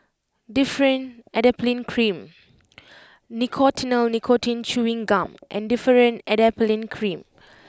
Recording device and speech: close-talking microphone (WH20), read sentence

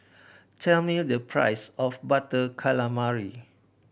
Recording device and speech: boundary microphone (BM630), read sentence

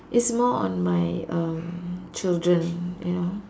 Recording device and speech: standing microphone, conversation in separate rooms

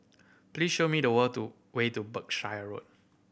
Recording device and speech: boundary microphone (BM630), read sentence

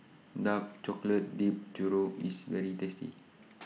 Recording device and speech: mobile phone (iPhone 6), read sentence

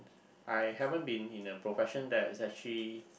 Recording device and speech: boundary microphone, conversation in the same room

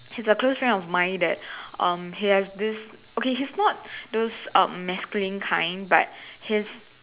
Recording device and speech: telephone, conversation in separate rooms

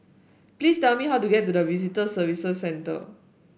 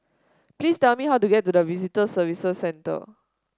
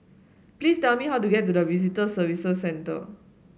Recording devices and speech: boundary microphone (BM630), standing microphone (AKG C214), mobile phone (Samsung S8), read sentence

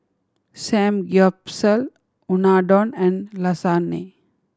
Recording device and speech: standing microphone (AKG C214), read sentence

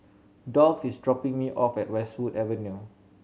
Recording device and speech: mobile phone (Samsung C7100), read sentence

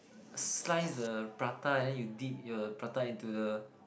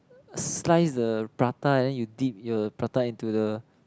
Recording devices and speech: boundary microphone, close-talking microphone, conversation in the same room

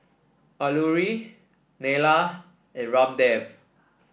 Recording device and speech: boundary microphone (BM630), read sentence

